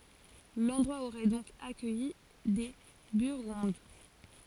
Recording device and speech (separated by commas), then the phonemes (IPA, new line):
forehead accelerometer, read sentence
lɑ̃dʁwa oʁɛ dɔ̃k akœji de byʁɡɔ̃d